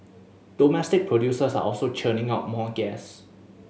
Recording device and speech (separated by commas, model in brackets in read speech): mobile phone (Samsung S8), read sentence